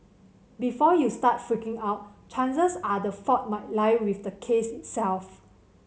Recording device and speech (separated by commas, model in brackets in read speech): mobile phone (Samsung C7100), read sentence